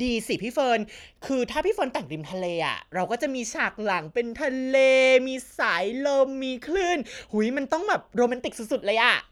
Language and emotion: Thai, happy